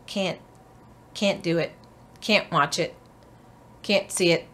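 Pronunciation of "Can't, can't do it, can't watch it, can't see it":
In each 'can't', the t at the end is not really heard, so the word sounds chopped off.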